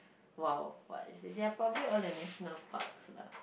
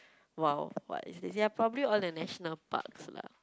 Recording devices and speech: boundary microphone, close-talking microphone, conversation in the same room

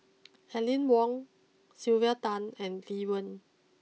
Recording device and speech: mobile phone (iPhone 6), read sentence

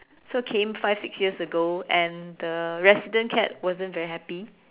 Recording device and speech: telephone, conversation in separate rooms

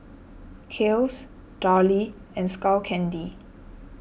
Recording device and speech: boundary microphone (BM630), read sentence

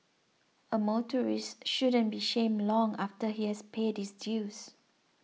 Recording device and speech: mobile phone (iPhone 6), read sentence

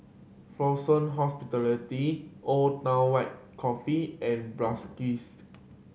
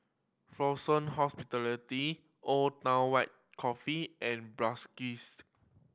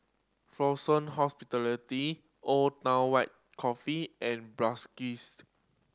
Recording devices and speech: mobile phone (Samsung C7100), boundary microphone (BM630), standing microphone (AKG C214), read sentence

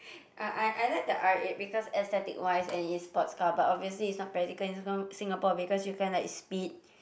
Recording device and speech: boundary microphone, conversation in the same room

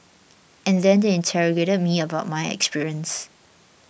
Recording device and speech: boundary microphone (BM630), read sentence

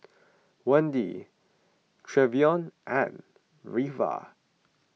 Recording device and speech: mobile phone (iPhone 6), read sentence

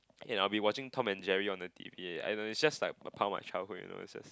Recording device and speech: close-talking microphone, conversation in the same room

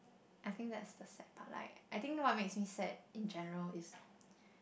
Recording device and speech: boundary microphone, conversation in the same room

